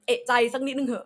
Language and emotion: Thai, angry